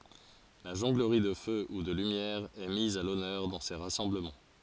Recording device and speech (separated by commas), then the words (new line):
forehead accelerometer, read sentence
La jonglerie de feu ou de lumière est mise à l'honneur dans ces rassemblements.